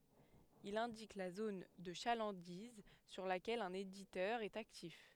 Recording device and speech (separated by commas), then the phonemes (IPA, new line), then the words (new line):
headset microphone, read sentence
il ɛ̃dik la zon də ʃalɑ̃diz syʁ lakɛl œ̃n editœʁ ɛt aktif
Il indique la zone de chalandise sur laquelle un éditeur est actif.